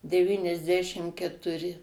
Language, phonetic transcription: Lithuanian, deˌvyniasˈdešim ketuˈri

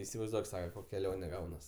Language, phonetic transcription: Lithuanian, isivaizˈduok ˈsaka ˈkok' keˈlione ˈgaunas

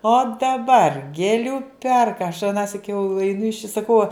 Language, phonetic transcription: Lithuanian, o daˈbar gėˈlių ˈperka aš aˈnąsik jau eiˈnu iš i saˈkau

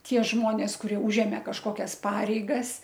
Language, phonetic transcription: Lithuanian, ˈtie ˈžmonės kuˈrie ˈūžemė kažˈkokias ˈpareigas

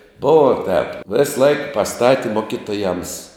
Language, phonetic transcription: Lithuanian, ˈbuvo tēp ˈvėsˌlaik paˈstati ˈmokiˌtojams

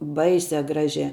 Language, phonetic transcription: Lithuanian, ˈbaisia ˈgražia

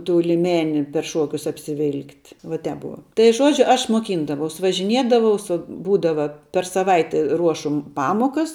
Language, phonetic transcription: Lithuanian, tų liˈmeni per ˈšuokius apsiˈvilkt' va ˈtep ˈbuva tai ˈžuodžiu ˈaš muoˈkyndavaus važiˈniedavau su ˈbūdava per saˈvaite ˈruošu m ˈpamokas

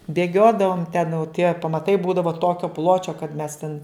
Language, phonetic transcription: Lithuanian, bėˈgiodavom ten jau tie pamaˈtai ˈbūdavo ˈtokio ˈpločio kad mes ten

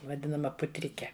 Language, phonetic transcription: Lithuanian, vaˈdinama puˈtrike

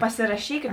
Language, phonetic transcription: Lithuanian, pasiraˈšykiat

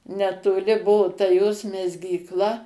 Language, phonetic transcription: Lithuanian, netoˈliˈbuu ta jos mezgykˈla

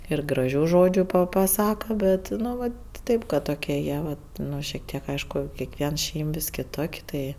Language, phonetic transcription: Lithuanian, ir graˈžių ˈžodžiu pa paˈsaka ˈbet nu ˈvat ˈtėp kad toˈkie ˈjie vat ˈnu šiek ˈtiek ˈaišku kiekˈvien ˈšeim vis kiˈtok' ˈtai

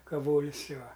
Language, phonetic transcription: Lithuanian, kaˈvolis ˈjuo

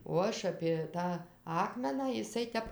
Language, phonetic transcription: Lithuanian, o ˈaš apė ˈtą ˈakmeną iˈsai ˈtep

